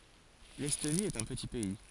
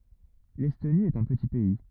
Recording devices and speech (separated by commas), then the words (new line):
forehead accelerometer, rigid in-ear microphone, read sentence
L'Estonie est un petit pays.